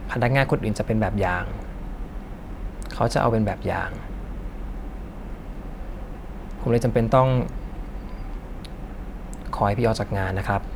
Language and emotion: Thai, frustrated